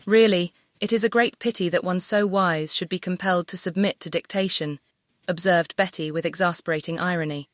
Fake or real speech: fake